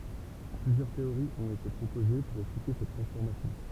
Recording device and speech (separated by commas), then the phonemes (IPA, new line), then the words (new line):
temple vibration pickup, read sentence
plyzjœʁ teoʁiz ɔ̃t ete pʁopoze puʁ ɛksplike sɛt tʁɑ̃sfɔʁmasjɔ̃
Plusieurs théories ont été proposées pour expliquer cette transformation.